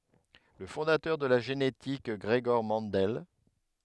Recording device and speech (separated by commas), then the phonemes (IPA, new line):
headset microphone, read sentence
lə fɔ̃datœʁ də la ʒenetik ɡʁəɡɔʁ mɑ̃dɛl